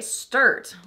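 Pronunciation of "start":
'Start' is not said the standard American English way here.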